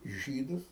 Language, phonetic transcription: Lithuanian, ˈžydus

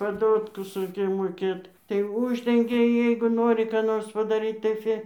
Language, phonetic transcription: Lithuanian, paˈdotkus ˈraikėj moˈkėt tai ˈuždengia ˈjeigu ˈnori ką ˈnors padaˈryt tai ˈfi

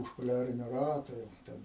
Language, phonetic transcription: Lithuanian, už poˈliarinio ˈrato ˈjau ˈten

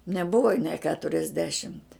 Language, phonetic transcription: Lithuanian, neˈbuva nė ˈketuriasdešimt'

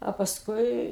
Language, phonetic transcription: Lithuanian, a pasˈkui

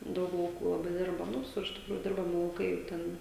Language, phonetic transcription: Lithuanian, ˈdaug lauˈkų laˈbai ˈdirba nu ˈvisur tikˈrųjų ˈdirbami lauˈkai ˈten

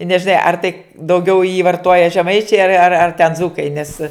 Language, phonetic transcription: Lithuanian, i nežiˈnai ar tai dauˈgiau jį varˈtoja žeˈmaičiai ar ar ar ten ˈdzūkai nes

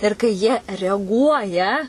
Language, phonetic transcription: Lithuanian, ir kai ˈjie reaˈguoja

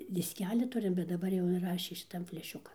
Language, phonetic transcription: Lithuanian, disˈkeli ˈturim bet daˈbar jau inˈrašė šiˈtan fleˈšiukan

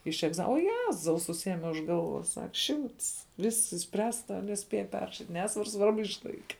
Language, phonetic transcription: Lithuanian, iš egˈza o ˈjezau suˈsieme už ˈgalˌvos ˈsak ˈšimts ˈvisks išsˈpręsta neˈspėja ˈperrašit' ˈnesvar ˈsvarbu išˈlaike

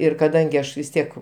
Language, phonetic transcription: Lithuanian, ˈir kaˈdangi ˈaš vis ˈtiek

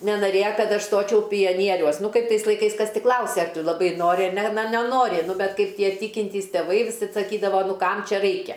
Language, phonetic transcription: Lithuanian, nenaˈrėja ˈkad ˈaš ˈstočiau pijaˈnieriuos ˈnu ˈkaip ˈtais laiˈkais ˈkas ˈti ˈklause ar ˈtu laˈbai ˈnori ar ˈne na neˈnori ˈnu bet ˈkaip ˈtie ˈtykintys teˈvai viˈsad saˈkydava ˈnu ˈkam ˈčia ˈraikia

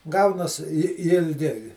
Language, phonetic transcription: Lithuanian, ˈgaunas i ilˈgi

